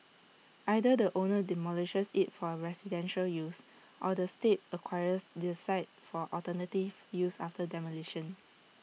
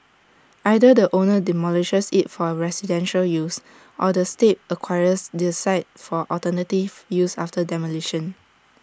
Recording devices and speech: mobile phone (iPhone 6), standing microphone (AKG C214), read sentence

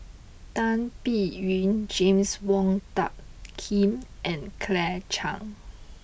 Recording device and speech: boundary microphone (BM630), read sentence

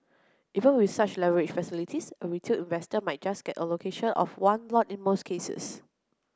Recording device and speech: close-talking microphone (WH30), read sentence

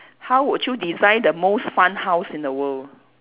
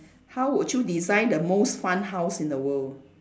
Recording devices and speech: telephone, standing microphone, conversation in separate rooms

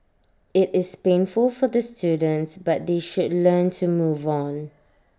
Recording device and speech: standing microphone (AKG C214), read sentence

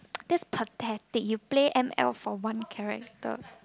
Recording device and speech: close-talking microphone, conversation in the same room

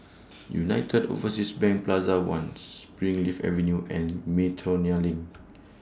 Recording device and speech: standing microphone (AKG C214), read sentence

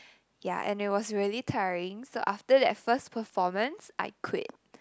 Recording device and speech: close-talking microphone, conversation in the same room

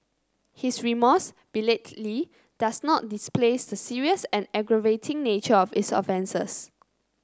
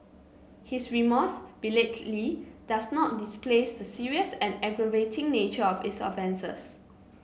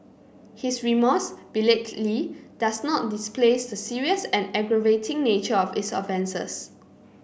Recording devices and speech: close-talking microphone (WH30), mobile phone (Samsung C9), boundary microphone (BM630), read sentence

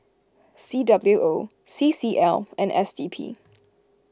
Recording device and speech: close-talking microphone (WH20), read sentence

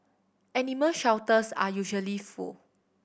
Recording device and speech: boundary microphone (BM630), read sentence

